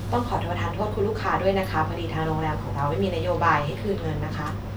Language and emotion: Thai, neutral